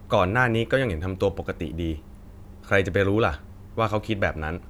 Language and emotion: Thai, neutral